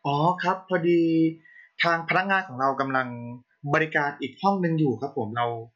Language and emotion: Thai, neutral